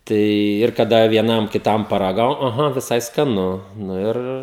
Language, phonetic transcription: Lithuanian, ˈtai ir kaˈda vieˈnam kiˈtam paraˈgau aˈha viˈsai skaˈnu nu ˈir

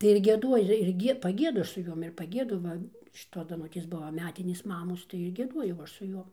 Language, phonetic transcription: Lithuanian, tai ir gieˈduoji ir ir ˈgie paˈgiedu ˈaš su ˈjom ir paˈgiedu ˈva šiˈtos daˈnutės ˈbuva ˈmetinės ˈmamos tai ir gieˈduojau ˈaš su ˈjom

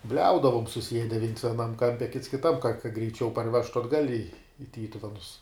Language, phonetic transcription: Lithuanian, ˈbliaudavum suˈsiede viens vieˈnam ˈkampe kits kiˈtam ka kad greiˈčiau parˈvežtu atˈgal' i i ˈtytuvenus

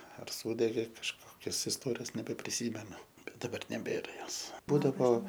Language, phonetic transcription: Lithuanian, ar ˈsūdegė kažˈkokios isˈtorijos nebepriˈsymenu bet daˈbar neˈbėra ˈjos ˈbūdavo

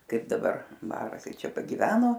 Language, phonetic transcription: Lithuanian, ˈkaip daˈbar ˈbara ˈkai ˈčia pagiˈveno

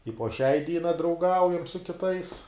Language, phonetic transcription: Lithuanian, i po šiai ˈdyna drauˈgaujam su kiˈtais

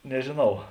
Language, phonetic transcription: Lithuanian, nežėˈnau

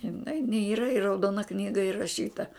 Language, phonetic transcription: Lithuanian, iˈnai n ˈyra i rauˈdona ˈknyga iraˈšyta

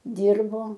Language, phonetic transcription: Lithuanian, ˈdyrbo

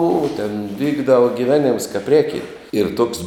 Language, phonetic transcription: Lithuanian, u ten ˈvykdava giˈvenims kap ˈrėkint ir tuoks

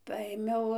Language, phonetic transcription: Lithuanian, ˈpaėmiau

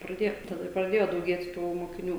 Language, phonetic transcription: Lithuanian, praˈdėjo taˈda ir praˈdėjo dauˈgėt tų mokiˈnių

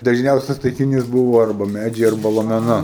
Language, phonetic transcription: Lithuanian, dažˈniausias taikiˈnys ˈbūvo ˈarba ˈmædžiai ˈarba lomeˈna

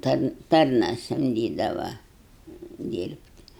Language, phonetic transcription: Lithuanian, ˈtan ˈtarna samˈdydava ˈdyrbt'

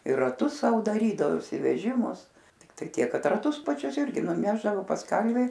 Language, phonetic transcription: Lithuanian, ir raˈtus ˈsau daˈrydavosi veˈžimus tikˈtai ˈtiek ˈkad raˈtus paˈčius ˈirgi nuˈnešdavo pas ˈkalvi

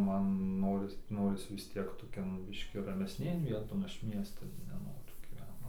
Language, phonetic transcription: Lithuanian, ˈman ˈnoris ˈnoris vis ˈtiek toˈkion ˈbiškį ramesˈnėn ˈvieton ˈaš ˈmiestan neˈnoriu gyˈvent

